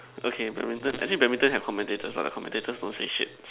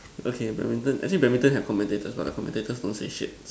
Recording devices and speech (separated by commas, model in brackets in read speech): telephone, standing microphone, conversation in separate rooms